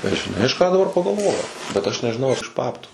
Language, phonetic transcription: Lithuanian, ir žiˈnai aš ˈką daˈbar pagalˈvojau bet ˈaš nežiˈnau ar iš ˈbabtų

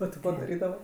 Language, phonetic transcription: Lithuanian, o ti ˈko daˈrydava

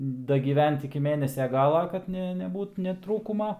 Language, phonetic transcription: Lithuanian, dagyˈvent iki ˈmėnesia ˈgala ˈkad ne neˈbūt ne ˈtrūkuma

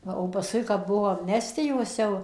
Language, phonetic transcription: Lithuanian, ˈva o paˈskui kap ˈbuvo amˈnestijos jau

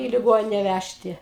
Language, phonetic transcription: Lithuanian, į liˈgonine ˈvæžti

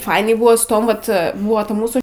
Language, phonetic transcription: Lithuanian, ˈfainiai ˈbuvo su ˈtom ˈvat ˈbua ta ˈmūsų

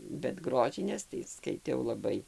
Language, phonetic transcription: Lithuanian, bet ˈgrožinės tai skaiˈtiau laˈbai

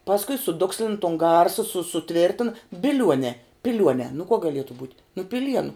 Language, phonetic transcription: Lithuanian, pasˈkui suˈdukslin ton ˈgarsa su suˈtvirtina biˈliuonē piˈliuonē nu kuo gaˈlietu būt' nu piˈlienu

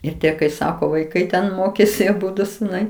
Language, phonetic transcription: Lithuanian, ir ˈtie kai ˈsako vaiˈkai ten ˈmokėsi aˈbudu suˈnai

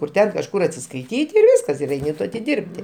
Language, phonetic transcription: Lithuanian, kur ˈten kažˈkur atsiskaiˈtyt' ir ˈviskas ir ˈeini tu atiˈdirbti

